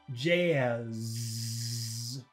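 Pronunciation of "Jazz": In 'Jazz', the vowel is very long, as it is said in American English, and the word ends with a z sound, the sound of an insect like a bee or a mosquito.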